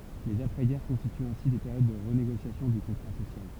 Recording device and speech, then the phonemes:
temple vibration pickup, read sentence
lez apʁɛzɡɛʁ kɔ̃stityt ɛ̃si de peʁjod də ʁəneɡosjasjɔ̃ dy kɔ̃tʁa sosjal

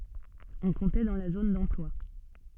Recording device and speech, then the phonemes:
soft in-ear microphone, read sentence
ɔ̃ kɔ̃tɛ dɑ̃ la zon dɑ̃plwa

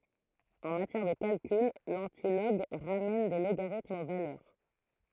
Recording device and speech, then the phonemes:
throat microphone, read sentence
ɑ̃ matjɛʁ də kalkyl lɑ̃tilɔɡ ʁamɛn de loɡaʁitmz o valœʁ

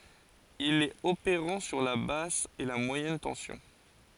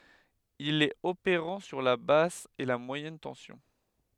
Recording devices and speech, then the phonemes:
forehead accelerometer, headset microphone, read sentence
il ɛt opeʁɑ̃ syʁ la bas e mwajɛn tɑ̃sjɔ̃

